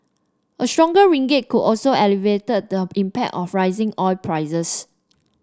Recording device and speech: standing microphone (AKG C214), read sentence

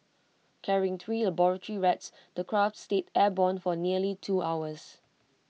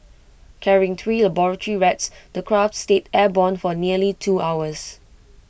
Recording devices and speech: mobile phone (iPhone 6), boundary microphone (BM630), read sentence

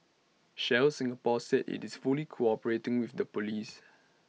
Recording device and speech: mobile phone (iPhone 6), read sentence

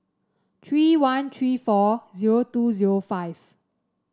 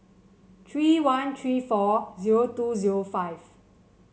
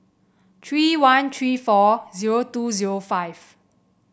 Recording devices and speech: standing microphone (AKG C214), mobile phone (Samsung C7), boundary microphone (BM630), read sentence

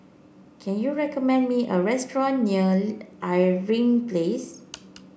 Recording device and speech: boundary microphone (BM630), read sentence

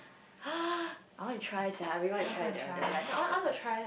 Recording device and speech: boundary microphone, conversation in the same room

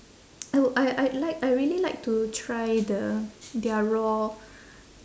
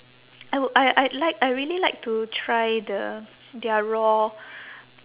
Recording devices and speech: standing microphone, telephone, conversation in separate rooms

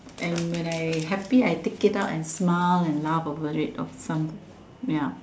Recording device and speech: standing microphone, conversation in separate rooms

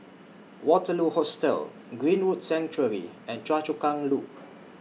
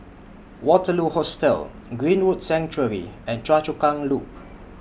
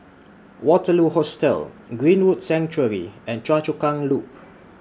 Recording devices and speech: mobile phone (iPhone 6), boundary microphone (BM630), standing microphone (AKG C214), read sentence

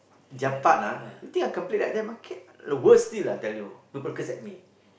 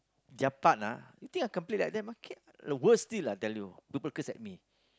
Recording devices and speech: boundary microphone, close-talking microphone, conversation in the same room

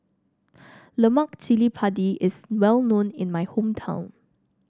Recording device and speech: standing microphone (AKG C214), read sentence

